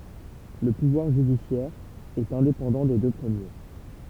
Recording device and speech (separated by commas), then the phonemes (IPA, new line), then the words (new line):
temple vibration pickup, read sentence
lə puvwaʁ ʒydisjɛʁ ɛt ɛ̃depɑ̃dɑ̃ de dø pʁəmje
Le pouvoir judiciaire est indépendant des deux premiers.